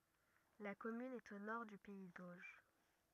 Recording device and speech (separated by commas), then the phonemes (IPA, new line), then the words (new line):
rigid in-ear microphone, read sentence
la kɔmyn ɛt o nɔʁ dy pɛi doʒ
La commune est au nord du pays d'Auge.